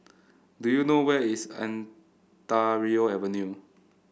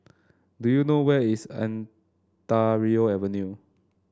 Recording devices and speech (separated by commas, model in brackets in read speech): boundary microphone (BM630), standing microphone (AKG C214), read sentence